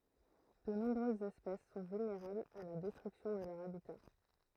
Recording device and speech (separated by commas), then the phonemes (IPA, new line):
throat microphone, read sentence
də nɔ̃bʁøzz ɛspɛs sɔ̃ vylneʁablz a la dɛstʁyksjɔ̃ də lœʁ abita